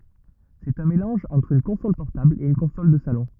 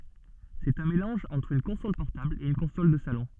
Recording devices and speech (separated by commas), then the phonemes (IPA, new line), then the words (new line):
rigid in-ear microphone, soft in-ear microphone, read sentence
sɛt œ̃ melɑ̃ʒ ɑ̃tʁ yn kɔ̃sɔl pɔʁtabl e yn kɔ̃sɔl də salɔ̃
C'est un mélange entre une console portable et une console de salon.